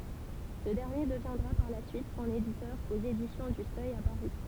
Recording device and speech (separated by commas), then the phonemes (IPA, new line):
temple vibration pickup, read sentence
sə dɛʁnje dəvjɛ̃dʁa paʁ la syit sɔ̃n editœʁ oz edisjɔ̃ dy sœj a paʁi